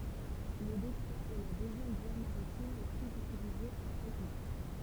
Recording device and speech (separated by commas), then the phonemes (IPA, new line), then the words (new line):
temple vibration pickup, read sentence
lə detʁwa ɛ la døzjɛm vwa maʁitim la plyz ytilize apʁɛ la mɑ̃ʃ
Le détroit est la deuxième voie maritime la plus utilisée après la Manche.